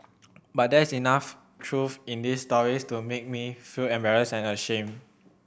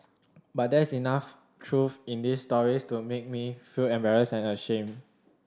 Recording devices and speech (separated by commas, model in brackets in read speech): boundary microphone (BM630), standing microphone (AKG C214), read sentence